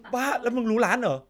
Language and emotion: Thai, happy